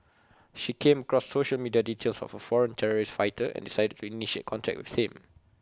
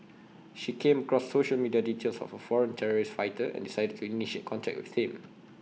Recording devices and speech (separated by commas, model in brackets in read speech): close-talking microphone (WH20), mobile phone (iPhone 6), read sentence